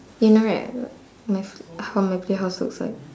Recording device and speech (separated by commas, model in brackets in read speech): standing microphone, conversation in separate rooms